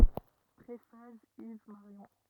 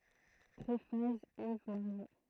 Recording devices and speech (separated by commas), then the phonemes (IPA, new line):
rigid in-ear microphone, throat microphone, read sentence
pʁefas iv maʁjɔ̃